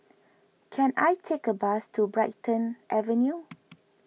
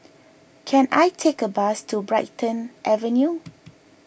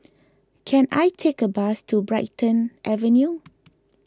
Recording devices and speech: mobile phone (iPhone 6), boundary microphone (BM630), close-talking microphone (WH20), read sentence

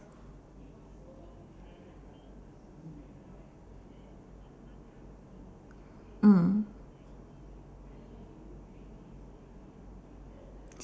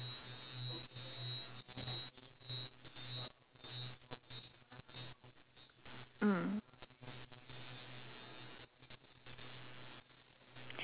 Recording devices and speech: standing microphone, telephone, conversation in separate rooms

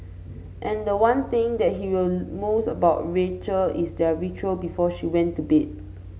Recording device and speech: mobile phone (Samsung C5), read sentence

